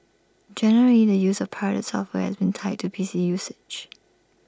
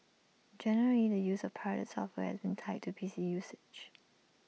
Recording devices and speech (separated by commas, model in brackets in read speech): standing microphone (AKG C214), mobile phone (iPhone 6), read sentence